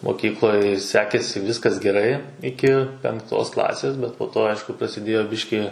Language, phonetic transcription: Lithuanian, moˈkykloj ˈsekėsi ˈvyskas geˈrai ˈiki penˈktosˈ klasės ˈbet po ˈto ˈaišku prasiˈdėjo ˈbiškį

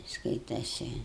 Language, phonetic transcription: Lithuanian, ˈskaitasi

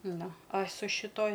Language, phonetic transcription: Lithuanian, ˈnu a su šiˈtoj

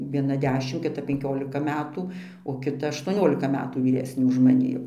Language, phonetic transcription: Lithuanian, vieˈna ˈdešim kiˈta penˈkiolika ˈmetų o kiˈta aštuoˈniolika ˈmetų vyˈresnė už maˈni jau

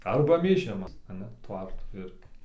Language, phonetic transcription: Lithuanian, ˈarba mėˈžimas aˈna ˈtvartų ˈirgi

